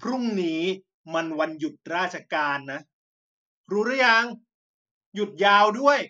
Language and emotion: Thai, angry